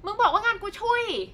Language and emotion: Thai, angry